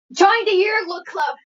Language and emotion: English, fearful